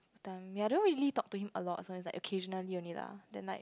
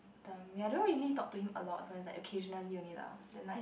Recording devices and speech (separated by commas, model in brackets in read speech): close-talking microphone, boundary microphone, conversation in the same room